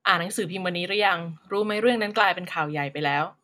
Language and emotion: Thai, neutral